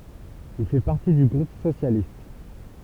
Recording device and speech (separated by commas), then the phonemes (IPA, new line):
temple vibration pickup, read sentence
il fɛ paʁti dy ɡʁup sosjalist